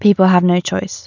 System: none